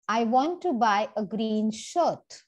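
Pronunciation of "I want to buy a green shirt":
The focus of the sentence falls on the word 'shirt'.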